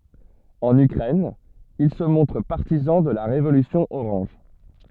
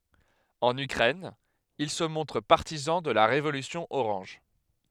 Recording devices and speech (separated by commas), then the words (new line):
soft in-ear microphone, headset microphone, read sentence
En Ukraine, il se montre partisan de la Révolution orange.